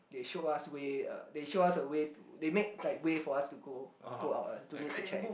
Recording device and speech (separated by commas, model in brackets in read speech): boundary microphone, conversation in the same room